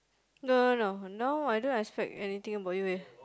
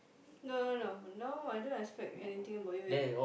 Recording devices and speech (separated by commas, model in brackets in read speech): close-talking microphone, boundary microphone, conversation in the same room